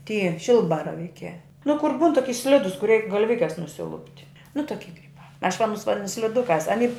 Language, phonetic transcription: Lithuanian, ˈty ˈšilbaravykiā nu kur ˈbūn toˈki ˈslidus kur ˈreik galˈvikes nusiˈlupt' nu toˈki kaip aš va aˈnus vaˈdinu sliˈdukās aˈny

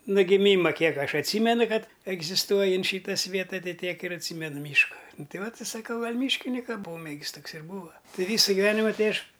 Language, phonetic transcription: Lithuanian, no giˈmyma ˈkiek ˈaš atˈsymenu ˈkad egzisˈtuoji ant ˈšyta ˈsvieta ˈtai ˈtiek ir atˈsymenu ˈmyška ˈnu ˈtai ˈvat i saˈkau ˈgal' ˈmyškinika ˈpomėgis ˈtoks ir ˈbūva ˈtai ˈvysa giˈvenima ˈtai ˈaš

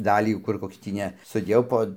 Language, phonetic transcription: Lithuanian, ˈdalį ˈkur ˈkoks tį ˈne suˈdėjau po

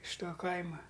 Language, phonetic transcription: Lithuanian, iš ˈto ˈkaima

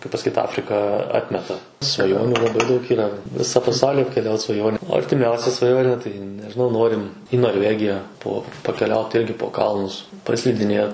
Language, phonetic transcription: Lithuanian, kaip pasaˈkyt ˈafrika ˈatmeta svaˈjoniu laˈbai daug yˈra ˈvisa paˈsaulį apkeˈliaut svaˈjonė o artiˈmiausia svaˈjonė tai nežiˈnau ˈnorim į norˈvegija po pakeˈliaut ˈirgi po ˈkalnus paslidiˈnėt

